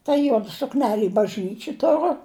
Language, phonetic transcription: Lithuanian, ta ˈjuoda sukˈneli i bažˈnyči ˈturu

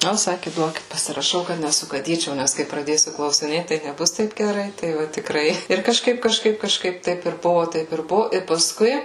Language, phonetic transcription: Lithuanian, ˈnu ˈsaki ˈduokit pasiraˈšau kad nesugaˈdyčiau ˈnæs kai praˈdėsiu klausiˈnėt tai neˈbus ˈtaip geˈrai ˈtai va tikˈrai ir kažˈkaip kažˈkaip kažˈkaip ˈtaip ir ˈbuvo ˈtaip ir ˈbuvo ir paˈskui

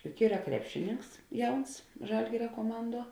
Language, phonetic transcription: Lithuanian, juk ˈyra ˈkrepšiˌninks ˈjauns ˈžalgiria kuoˈmanˌduo

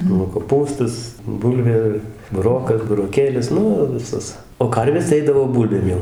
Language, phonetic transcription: Lithuanian, nu koˈpūstas ˈbulvė buˈrokas buroˈkėlis ˈnu viˈsas o ˈkarvės tai ˈeidavo ˈbulbėm jau

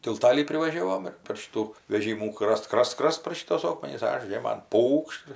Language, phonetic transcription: Lithuanian, tilˈtalį privaˈžiavom ir per ˈšitų veˈžymų ˈkrast ˈkrast ˈkrast par šiˈtuos ˈokmenis ˈaš ˈžėman ˈpūkšt

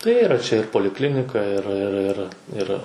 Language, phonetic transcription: Lithuanian, tai ˈyra čia ir poliˈklinika ir ir ˈir ˈir

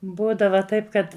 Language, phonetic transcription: Lithuanian, ˈbūdava ˈtaip kad

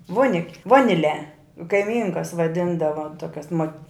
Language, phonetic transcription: Lithuanian, ˈvonik' ˈvoniˌle kaiˈmynkas vaˈdindava ˈtokias mot

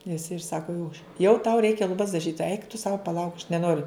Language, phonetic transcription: Lithuanian, jis ir ˈsako jau jau tau ˈreikia luˈbas daˈžyt eik tu sau paˈlauk aš neˈnoriu

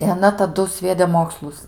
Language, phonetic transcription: Lithuanian, i aˈna taˈdu ˈsviede ˈmokslus

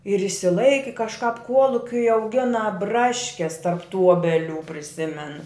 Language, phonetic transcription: Lithuanian, ir išsiˈlaiki kažˈkap ˈkuolukiui auˈgina ˈbraškes tarp tų ˈuobelių priˈsimen

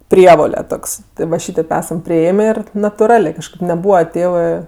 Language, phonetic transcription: Lithuanian, ˈprievole ˈtoks ˈti va ˈšytėp ˈesam priˈėmė ˈir natuˈralė kažˈkaip neˈbūva ˈtėvɜ

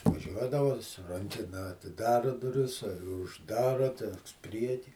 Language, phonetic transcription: Lithuanian, vaˈžiuodava su ˈrankena atiˈdara duˈris i užˈdara ten ˈpriekį

